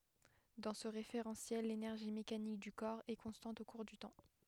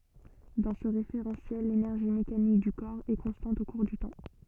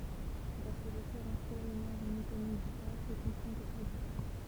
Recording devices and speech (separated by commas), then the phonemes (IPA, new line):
headset microphone, soft in-ear microphone, temple vibration pickup, read sentence
dɑ̃ sə ʁefeʁɑ̃sjɛl lenɛʁʒi mekanik dy kɔʁ ɛ kɔ̃stɑ̃t o kuʁ dy tɑ̃